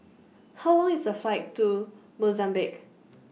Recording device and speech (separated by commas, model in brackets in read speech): mobile phone (iPhone 6), read sentence